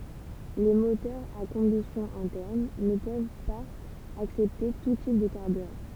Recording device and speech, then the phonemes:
temple vibration pickup, read sentence
le motœʁz a kɔ̃bystjɔ̃ ɛ̃tɛʁn nə pøv paz aksɛpte tu tip də kaʁbyʁɑ̃

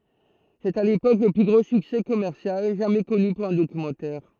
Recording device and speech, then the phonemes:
throat microphone, read sentence
sɛt a lepok lə ply ɡʁo syksɛ kɔmɛʁsjal ʒamɛ kɔny puʁ œ̃ dokymɑ̃tɛʁ

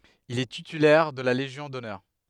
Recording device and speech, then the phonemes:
headset microphone, read sentence
il ɛ titylɛʁ də la leʒjɔ̃ dɔnœʁ

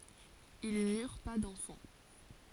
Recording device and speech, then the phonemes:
forehead accelerometer, read sentence
il nyʁ pa dɑ̃fɑ̃

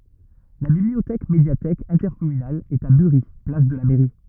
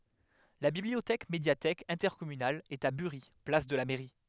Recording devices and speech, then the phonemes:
rigid in-ear microphone, headset microphone, read sentence
la bibliotɛk medjatɛk ɛ̃tɛʁkɔmynal ɛt a byʁi plas də la mɛʁi

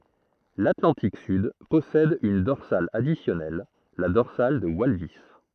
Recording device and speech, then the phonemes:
throat microphone, read sentence
latlɑ̃tik syd pɔsɛd yn dɔʁsal adisjɔnɛl la dɔʁsal də walvis

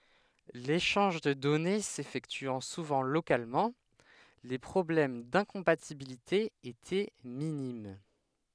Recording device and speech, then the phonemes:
headset microphone, read sentence
leʃɑ̃ʒ də dɔne sefɛktyɑ̃ suvɑ̃ lokalmɑ̃ le pʁɔblɛm dɛ̃kɔ̃patibilite etɛ minim

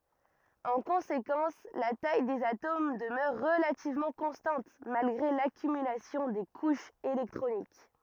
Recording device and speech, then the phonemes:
rigid in-ear microphone, read sentence
ɑ̃ kɔ̃sekɑ̃s la taj dez atom dəmœʁ ʁəlativmɑ̃ kɔ̃stɑ̃t malɡʁe lakymylasjɔ̃ de kuʃz elɛktʁonik

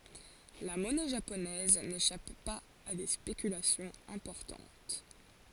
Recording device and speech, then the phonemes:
forehead accelerometer, read sentence
la mɔnɛ ʒaponɛz neʃap paz a de spekylasjɔ̃z ɛ̃pɔʁtɑ̃t

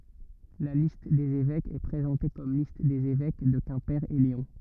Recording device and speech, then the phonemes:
rigid in-ear microphone, read sentence
la list dez evɛkz ɛ pʁezɑ̃te kɔm list dez evɛk də kɛ̃pe e leɔ̃

